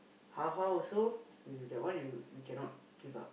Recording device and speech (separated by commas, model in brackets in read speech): boundary microphone, conversation in the same room